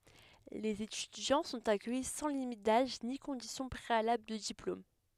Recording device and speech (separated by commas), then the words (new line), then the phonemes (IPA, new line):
headset microphone, read sentence
Les étudiants sont accueillis sans limite d'âge ni condition préalable de diplôme.
lez etydjɑ̃ sɔ̃t akœji sɑ̃ limit daʒ ni kɔ̃disjɔ̃ pʁealabl də diplom